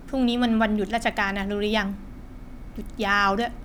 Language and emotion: Thai, frustrated